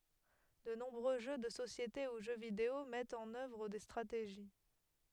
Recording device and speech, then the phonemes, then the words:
headset microphone, read sentence
də nɔ̃bʁø ʒø də sosjete u ʒø video mɛtt ɑ̃n œvʁ de stʁateʒi
De nombreux jeux de société ou jeux vidéo mettent en œuvre des stratégies.

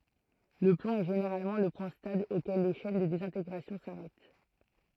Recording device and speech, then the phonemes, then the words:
throat microphone, read sentence
lə plɔ̃ ɛ ʒeneʁalmɑ̃ lə pwɛ̃ stabl okɛl le ʃɛn də dezɛ̃teɡʁasjɔ̃ saʁɛt
Le plomb est généralement le point stable auquel les chaînes de désintégration s'arrêtent.

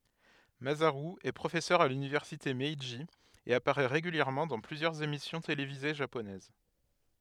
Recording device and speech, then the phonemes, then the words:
headset microphone, read sentence
mazaʁy ɛ pʁofɛsœʁ a lynivɛʁsite mɛʒi e apaʁɛ ʁeɡyljɛʁmɑ̃ dɑ̃ plyzjœʁz emisjɔ̃ televize ʒaponɛz
Masaru est professeur à l'Université Meiji et apparaît régulièrement dans plusieurs émissions télévisées japonaises.

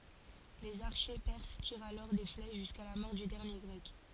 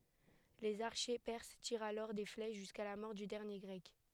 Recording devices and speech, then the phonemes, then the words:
forehead accelerometer, headset microphone, read sentence
lez aʁʃe pɛʁs tiʁt alɔʁ de flɛʃ ʒyska la mɔʁ dy dɛʁnje ɡʁɛk
Les archers perses tirent alors des flèches jusqu'à la mort du dernier Grec.

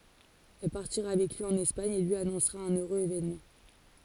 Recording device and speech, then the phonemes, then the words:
forehead accelerometer, read sentence
ɛl paʁtiʁa avɛk lyi ɑ̃n ɛspaɲ e lyi anɔ̃sʁa œ̃n øʁøz evenmɑ̃
Elle partira avec lui en Espagne et lui annoncera un heureux événement.

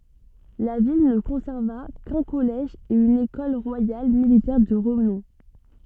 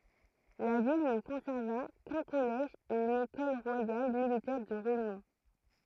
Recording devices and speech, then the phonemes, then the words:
soft in-ear microphone, throat microphone, read sentence
la vil nə kɔ̃sɛʁva kœ̃ kɔlɛʒ e yn ekɔl ʁwajal militɛʁ də ʁənɔ̃
La ville ne conserva qu’un collège et une Ecole royale militaire de renom.

